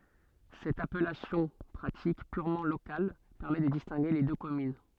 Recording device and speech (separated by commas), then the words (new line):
soft in-ear microphone, read sentence
Cette appellation pratique, purement locale, permet de distinguer les deux communes.